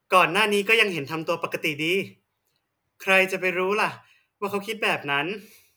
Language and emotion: Thai, frustrated